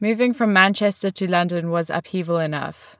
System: none